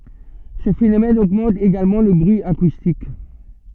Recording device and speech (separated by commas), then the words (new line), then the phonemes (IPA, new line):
soft in-ear microphone, read sentence
Ce phénomène augmente également le bruit acoustique.
sə fenomɛn oɡmɑ̃t eɡalmɑ̃ lə bʁyi akustik